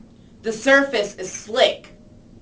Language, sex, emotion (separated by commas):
English, female, angry